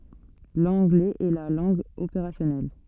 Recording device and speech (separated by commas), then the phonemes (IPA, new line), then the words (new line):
soft in-ear microphone, read sentence
lɑ̃ɡlɛz ɛ la lɑ̃ɡ opeʁasjɔnɛl
L’anglais est la langue opérationnelle.